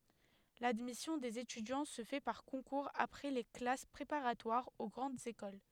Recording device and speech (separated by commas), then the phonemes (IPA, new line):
headset microphone, read sentence
ladmisjɔ̃ dez etydjɑ̃ sə fɛ paʁ kɔ̃kuʁz apʁɛ le klas pʁepaʁatwaʁz o ɡʁɑ̃dz ekol